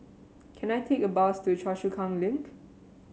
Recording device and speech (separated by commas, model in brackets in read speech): mobile phone (Samsung C7), read sentence